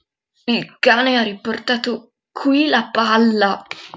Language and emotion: Italian, disgusted